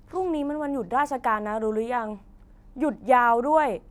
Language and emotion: Thai, frustrated